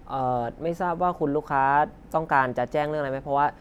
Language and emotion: Thai, neutral